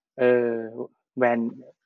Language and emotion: Thai, neutral